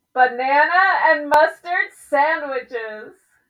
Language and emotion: English, happy